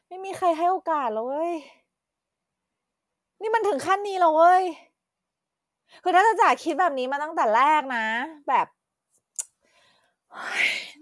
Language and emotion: Thai, frustrated